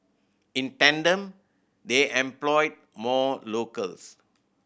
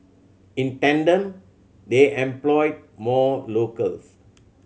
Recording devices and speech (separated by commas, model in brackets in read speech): boundary microphone (BM630), mobile phone (Samsung C7100), read sentence